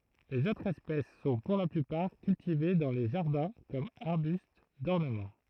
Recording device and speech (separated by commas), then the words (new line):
throat microphone, read sentence
Les autres espèces sont pour la plupart cultivées dans les jardins comme arbustes d'ornement.